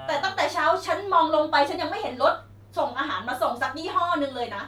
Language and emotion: Thai, angry